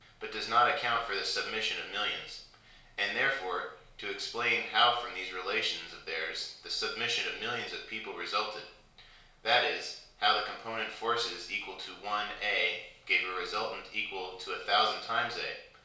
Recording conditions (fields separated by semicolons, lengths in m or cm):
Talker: one person; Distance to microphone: 1.0 m; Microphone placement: close; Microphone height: 1.1 m; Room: small (3.7 m by 2.7 m); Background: none